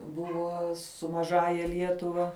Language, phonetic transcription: Lithuanian, ˈbuvo su maˈžąja ˈlietuva

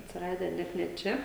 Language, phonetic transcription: Lithuanian, atsiˈradę ˈnet ne ˈčia

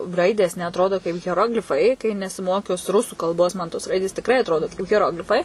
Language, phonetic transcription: Lithuanian, ˈraidės neatˈrodo kaip heˈroglifai kai nesiˈmokus ˈrusų kalˈbos ˈman tos ˈraidės tikˈrai atˈrodo kaip heˈroglifai

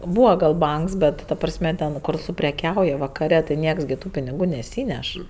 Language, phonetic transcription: Lithuanian, ˈbūva gal ˈbanks ˈbet ta ˈprasme ˈten kur supreˈkiauja vakaˈre tai ˈnieks gi ˈtų piniˈgų neˈsyneš

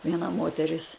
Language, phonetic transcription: Lithuanian, vieˈna ˈmoteris

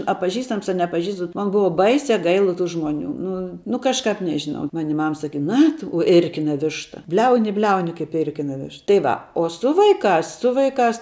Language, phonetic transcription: Lithuanian, a paˈžįstams a nepaˈžįstams bet ˈman ˈbuu ˈbaisia ˈgaila tų ˈžmuoˌnių ˈnu nu kažˈkap ˈnežinau ˈmani ˈmam saˈkyd ˈna tu i ˈirkina ˈvišta ˈbliauni i ˈbliauni kaip ˈirkina ˈviš tai ˈva o ˈsu vaiˈkās ˈsu vaiˈkās

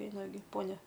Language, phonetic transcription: Lithuanian, ˈeina gi ˈponia

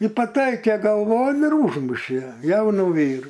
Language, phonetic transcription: Lithuanian, i paˈtaikė galˈvon ir ˈūžmušė ˈjaunų ˈvyrų

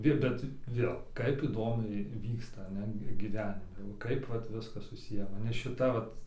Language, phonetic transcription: Lithuanian, ˈvi bet ˈvėl ˈkaip įˈdomiai ˈvyksta ˈnet giˈvenime ˈkaip vat ˈviskas suˈsiję maˈne šiˈta ˈvat

